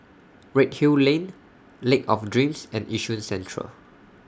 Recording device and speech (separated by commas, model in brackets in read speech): standing microphone (AKG C214), read sentence